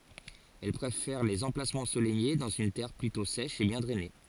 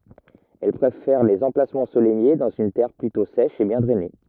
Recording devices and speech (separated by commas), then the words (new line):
forehead accelerometer, rigid in-ear microphone, read sentence
Elle préfère les emplacements ensoleillés dans une terre plutôt sèche et bien drainée.